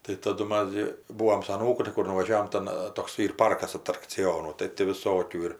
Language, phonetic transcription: Lithuanian, tai taˈdu ˈmas gi ˈbūom su aˈnūku tai ˈkur nuvaˈžiavom ˈtan ˈtoks ˈyr ˈparkas atrakciˈjonų tai ti viˈsokių ir

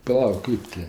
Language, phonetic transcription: Lithuanian, paˈlauk ˈkɜp ti

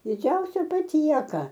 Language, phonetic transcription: Lithuanian, diˈdžiausia paˈtieka

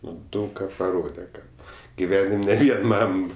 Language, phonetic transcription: Lithuanian, ˈnu ˈdaug ka paˈrode ˈkad giˈvenim' ne ˈvien ˈmam

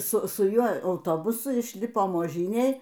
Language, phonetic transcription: Lithuanian, ˈsu su ˈjuo auˈtobusu išˈlipom oˈžynėj

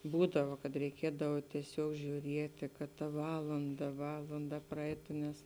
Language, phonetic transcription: Lithuanian, ˈbūdava kad reiˈkiedav tieˈsiuog žiūˈrieti kad ta ˈvalanda ˈvalanda praˈeitu nes

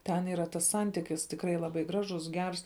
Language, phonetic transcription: Lithuanian, ˈten yˈra tas ˈsantikis tikˈrai laˈbai ˈgražus ˈgers

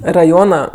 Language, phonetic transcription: Lithuanian, raˈjona

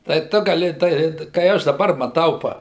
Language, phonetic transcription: Lithuanian, tai ˈtu gaˈli tai kai ˈaš daˈbar maˈtau ˈpa

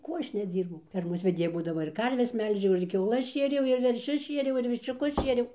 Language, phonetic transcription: Lithuanian, ˈkuo ˈaš neˈdzyrbau ˈfermos veˈdėja būdaˈma ir ˈkarves ˈmelžiau ir kiauˈlas ˈšėriau ir verˈšius ˈšieriau ir viščiuˈkus ˈšieriau

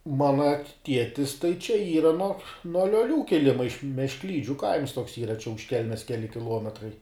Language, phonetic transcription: Lithuanian, ˈmana ˈtietis tai čia ˈyra nuo nuo lioˈlių kiˈlima iš meškˈlydžiu kaims toks ˈyra čia už ˈkelmes ˈkeli kiˈluometrai

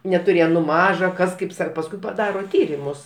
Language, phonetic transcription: Lithuanian, netuˈrėjem nu ˈmaža kas ˈkaip ˈsa pasˈkui paˈdaro ˈtyrimus

